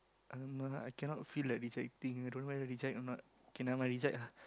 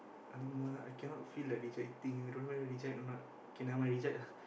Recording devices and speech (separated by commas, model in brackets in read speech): close-talking microphone, boundary microphone, conversation in the same room